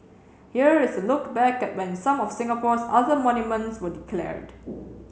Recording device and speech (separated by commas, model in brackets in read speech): mobile phone (Samsung C7), read sentence